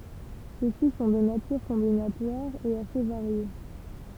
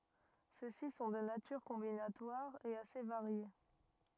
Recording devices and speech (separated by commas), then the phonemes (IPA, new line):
temple vibration pickup, rigid in-ear microphone, read sentence
søksi sɔ̃ də natyʁ kɔ̃binatwaʁ e ase vaʁje